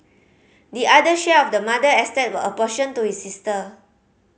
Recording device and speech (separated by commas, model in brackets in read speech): mobile phone (Samsung C5010), read sentence